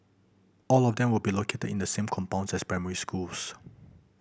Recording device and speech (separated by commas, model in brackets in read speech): boundary microphone (BM630), read sentence